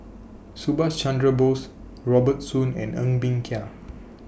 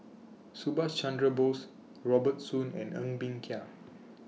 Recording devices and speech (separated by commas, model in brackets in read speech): boundary microphone (BM630), mobile phone (iPhone 6), read sentence